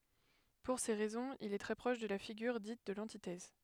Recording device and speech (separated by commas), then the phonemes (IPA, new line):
headset microphone, read sentence
puʁ se ʁɛzɔ̃z il ɛ tʁɛ pʁɔʃ də la fiɡyʁ dit də lɑ̃titɛz